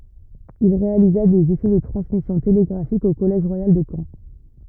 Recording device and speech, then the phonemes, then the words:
rigid in-ear microphone, read sentence
il ʁealiza dez esɛ də tʁɑ̃smisjɔ̃ teleɡʁafik o kɔlɛʒ ʁwajal də kɑ̃
Il réalisa des essais de transmission télégraphique au collège royal de Caen.

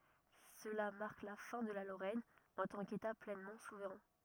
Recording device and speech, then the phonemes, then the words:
rigid in-ear microphone, read sentence
səla maʁk la fɛ̃ də la loʁɛn ɑ̃ tɑ̃ keta plɛnmɑ̃ suvʁɛ̃
Cela marque la fin de la Lorraine en tant qu'État pleinement souverain.

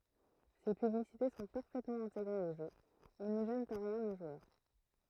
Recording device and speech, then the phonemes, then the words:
throat microphone, read sentence
se pyblisite sɔ̃ paʁfɛtmɑ̃ ɛ̃teɡʁez o ʒø e nə ʒɛnt ɑ̃ ʁjɛ̃ lə ʒwœʁ
Ces publicités sont parfaitement intégrées au jeu, et ne gênent en rien le joueur.

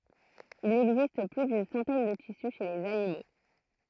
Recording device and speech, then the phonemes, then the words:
throat microphone, read sentence
il ɛɡzist ply dyn sɑ̃tɛn də tisy ʃe lez animo
Il existe plus d'une centaine de tissus chez les animaux.

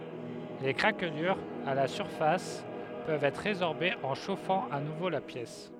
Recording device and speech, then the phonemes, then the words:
headset microphone, read sentence
le kʁaklyʁz a la syʁfas pøvt ɛtʁ ʁezɔʁbez ɑ̃ ʃofɑ̃ a nuvo la pjɛs
Les craquelures à la surface peuvent être résorbées en chauffant à nouveau la pièce.

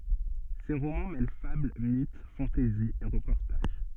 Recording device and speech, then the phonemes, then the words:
soft in-ear microphone, read sentence
se ʁomɑ̃ mɛl fabl mit fɑ̃tɛzi e ʁəpɔʁtaʒ
Ses romans mêlent fable, mythe, fantaisie et reportage.

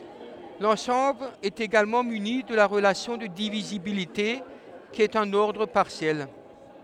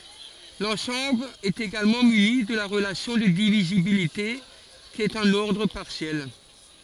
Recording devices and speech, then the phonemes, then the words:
headset microphone, forehead accelerometer, read sentence
lɑ̃sɑ̃bl ɛt eɡalmɑ̃ myni də la ʁəlasjɔ̃ də divizibilite ki ɛt œ̃n ɔʁdʁ paʁsjɛl
L'ensemble est également muni de la relation de divisibilité qui est un ordre partiel.

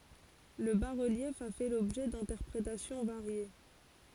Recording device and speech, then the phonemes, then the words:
forehead accelerometer, read sentence
lə basʁəljɛf a fɛ lɔbʒɛ dɛ̃tɛʁpʁetasjɔ̃ vaʁje
Le bas-relief a fait l'objet d'interprétations variées.

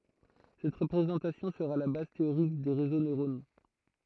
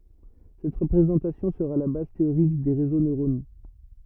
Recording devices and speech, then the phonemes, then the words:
throat microphone, rigid in-ear microphone, read sentence
sɛt ʁəpʁezɑ̃tasjɔ̃ səʁa la baz teoʁik de ʁezo nøʁono
Cette représentation sera la base théorique des réseaux neuronaux.

